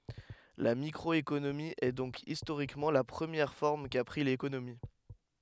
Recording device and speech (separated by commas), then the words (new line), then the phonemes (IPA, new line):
headset microphone, read sentence
La microéconomie est donc historiquement la première forme qu'a pris l'économie.
la mikʁɔekonomi ɛ dɔ̃k istoʁikmɑ̃ la pʁəmjɛʁ fɔʁm ka pʁi lekonomi